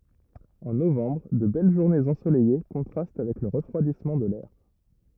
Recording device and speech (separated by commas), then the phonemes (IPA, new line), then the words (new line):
rigid in-ear microphone, read sentence
ɑ̃ novɑ̃bʁ də bɛl ʒuʁnez ɑ̃solɛje kɔ̃tʁast avɛk lə ʁəfʁwadismɑ̃ də lɛʁ
En novembre, de belles journées ensoleillées contrastent avec le refroidissement de l’air.